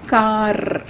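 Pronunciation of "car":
'car' is said here with the final r pronounced, which is the way it should not be said.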